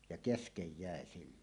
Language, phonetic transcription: Finnish, ja "keskej 'jä̀e siilon .
- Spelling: ja kesken jäi silloin

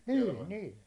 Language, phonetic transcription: Finnish, niin 'nii .
- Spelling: niin niin

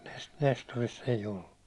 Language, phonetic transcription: Finnish, Nes- Nestoriss ‿ei'j ‿ollu .
- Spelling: - Nestorissa ei ollut

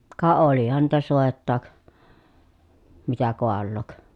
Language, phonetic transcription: Finnish, ka olihan niitä sòettaak , mitä koallook .
- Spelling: ka olihan niitä soitakin mitä kaaloa

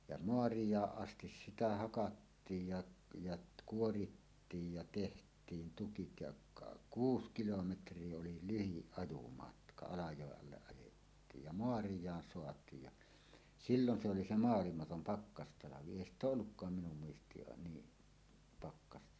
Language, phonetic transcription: Finnish, ja "moarij̀aaˀ 'ˀastis sitä 'hakattiij ja , jat 'kuorittiij ja teht̀iin tukit ja , ka- , "kuus 'kilometr̀ie oli "lyhiˀ 'ˀajumatka "Alajòeˀ 'ˀalleˀ ˀajettiij ja "moarij̀aan soat̀iij ja , "sillon se oli 'se "moalimatom "pakkastalavi "èi ‿st ‿ooˀ 'ˀollukkaam minum muist̀iin 'nii , "pakkasta .
- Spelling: ja maarajaan asti sitä hakattiin ja ja kuorittiin ja tehtiin tukit ja - kuusi kilometriä oli lyhin ajomatka Alajoen alle ajettiin ja maarajaan saatiin ja silloin se oli se maailmaton pakkastalvi ei sitä ole ollutkaan minun muistiini niin pakkasta

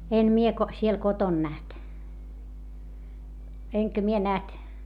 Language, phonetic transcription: Finnish, en mie ko- , siel koton näht , eŋkä mie näht ,.
- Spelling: en minä - siellä kotona nähnyt enkä minä nähnyt

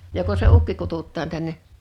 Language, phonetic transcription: Finnish, joko se 'ukki 'kututtaan 'tänne ?
- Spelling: joko se ukki kutsutaan tänne

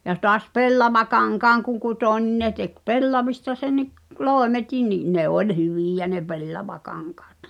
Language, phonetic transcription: Finnish, ja tɔas "pellavakaŋkaaŋ kuŋ kutò ńin 'ne tek "pellavista 'senni’ , "lòeme'tin ni’ , 'ne oĺ "hyvìjä ne 'pellavakaŋkaat .
- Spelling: ja taas pellavakankaan kun kutoi niin ne teki pellavista senkin loimetkin niin ne oli hyviä ne pellavakankaat

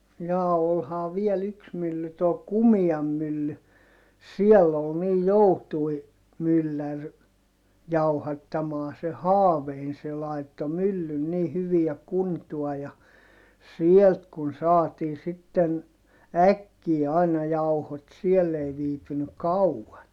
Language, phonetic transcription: Finnish, jaa olhaa viel ‿yks mylly too Kumiam mylly , siɛll ‿ol niij joutui , myllär , jauhattamaa se Haavein se laitto myllyn ni hyviä kuntua ja , sielt kun saatii sitten , äkkii aina jauhot siɛll ‿ei viipynyk̆ kau₍an .
- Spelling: jaa olihan vielä yksi mylly tuo Kumian mylly siellä oli niin joutui mylläri jauhattamaan se Haaveinen se laittoi myllyn niin hyviä kuntoon ja sieltä kun saatiin sitten äkkiä aina jauhot siellä ei viipynyt kauan

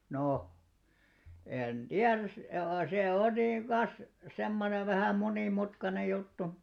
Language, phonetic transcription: Finnish, 'no , 'en "ᴅiäräs se- , se 'on niiŋ 'kas , 'semmonev vähä 'moni'mutkanej̆§ 'juttu .
- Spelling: no en tiedä - se on niin kas semmoinen vähän monimutkainen juttu

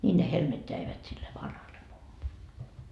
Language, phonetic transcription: Finnish, ńiin ne 'helmet jäivät sille "vanhalle 'mummolle .
- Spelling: niin ne helmet jäivät sille vanhalle mummolle

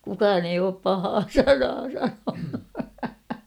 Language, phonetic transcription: Finnish, 'kukaan ‿eij ‿oop 'pahaa "sanaa 'sanonu .
- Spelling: kukaan ei ole pahaa sanaa sanonut

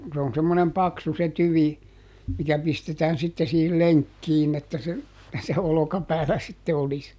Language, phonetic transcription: Finnish, se on semmonem ˈpaksu se ˈtyvi , mikä ˈpistetään sitte siihil "leŋkkiin ‿että se , se ˈolokapäälä sitte ˈolis .
- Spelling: se on semmoinen paksu se tyvi mikä pistetään sitten siihen lenkkiin että se se olkapäällä sitten olisi

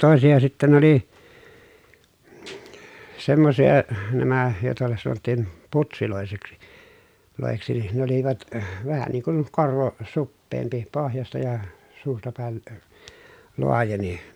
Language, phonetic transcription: Finnish, tòesija sittä nᵉ ‿oli , semmosija , nämä , jòeta sanottìn , putsilòeseksi , -lòeksi nin ne ‿olivat , vähä niiŋ kun , korvo , suppeempi pohjasta ja , suusta pä̀el lə- , loajeni .
- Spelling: toisia sitten ne oli semmoisia nämä joita sanottiin putseiksi - niin ne olivat vähän niin kuin korvo suppeampi pohjasta ja suusta päin - laajeni

